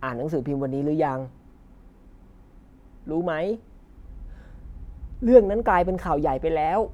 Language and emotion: Thai, happy